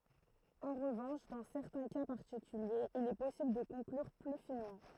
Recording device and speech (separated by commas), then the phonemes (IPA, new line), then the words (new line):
throat microphone, read sentence
ɑ̃ ʁəvɑ̃ʃ dɑ̃ sɛʁtɛ̃ ka paʁtikyljez il ɛ pɔsibl də kɔ̃klyʁ ply finmɑ̃
En revanche dans certains cas particuliers il est possible de conclure plus finement.